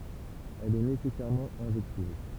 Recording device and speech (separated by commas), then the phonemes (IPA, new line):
temple vibration pickup, read sentence
ɛl ɛ nesɛsɛʁmɑ̃ ɛ̃ʒɛktiv